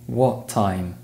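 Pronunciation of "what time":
In 'what time', the two words link together, so they are hard to separate.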